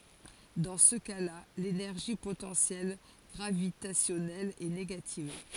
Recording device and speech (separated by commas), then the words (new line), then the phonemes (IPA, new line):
forehead accelerometer, read sentence
Dans ce cas-là, l'énergie potentielle gravitationnelle est négative.
dɑ̃ sə kasla lenɛʁʒi potɑ̃sjɛl ɡʁavitasjɔnɛl ɛ neɡativ